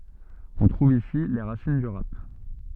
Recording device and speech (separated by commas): soft in-ear microphone, read sentence